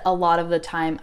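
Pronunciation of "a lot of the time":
'A lot of the time' is said well and carefully here, not in the usual relaxed way where 'of' reduces to uh.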